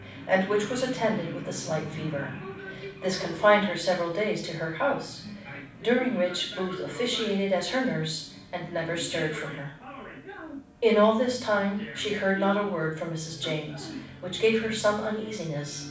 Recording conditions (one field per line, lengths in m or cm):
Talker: one person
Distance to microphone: 5.8 m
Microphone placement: far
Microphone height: 1.8 m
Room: medium-sized (5.7 m by 4.0 m)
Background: television